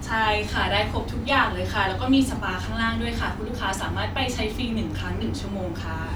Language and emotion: Thai, happy